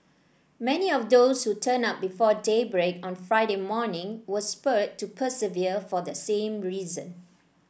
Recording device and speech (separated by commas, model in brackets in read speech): boundary microphone (BM630), read sentence